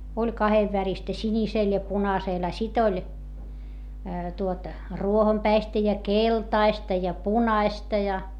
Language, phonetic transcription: Finnish, oĺ kahevväristä sińisèl ja punasèl - a sit ‿oĺ , tuot , ruohompäistä ja keltaista ja punaista ja .
- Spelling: oli kahdenväristä sinisellä ja punaisella a sitten oli tuota ruohonpäistä ja keltaista ja punaista ja

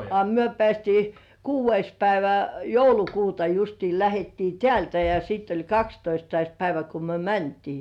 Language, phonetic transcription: Finnish, a "myö 'pĕä̀stii , "kuuv̆veis päivä 'joulukuuta justii 'lähettii "tĕä̀ltä ja 'siitt ‿oĺ "kakstoistais 'päivä ko myö "mäntii .
- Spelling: a me päästiin kuudes päivä joulukuuta justiin lähdettiin täältä ja sitten oli kahdestoista päivä kun me mentiin

